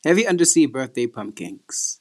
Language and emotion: English, fearful